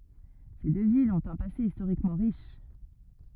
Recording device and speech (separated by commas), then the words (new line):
rigid in-ear microphone, read sentence
Ces deux villes ont un passé historiquement riche.